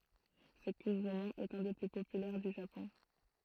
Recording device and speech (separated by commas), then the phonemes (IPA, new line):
throat microphone, read sentence
sə kuʁ ʁomɑ̃ ɛt œ̃ de ply popylɛʁ dy ʒapɔ̃